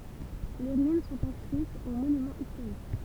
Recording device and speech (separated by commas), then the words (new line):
temple vibration pickup, read sentence
Les ruines sont inscrites aux Monuments historiques.